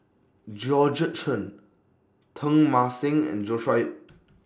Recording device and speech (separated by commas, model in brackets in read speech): standing microphone (AKG C214), read sentence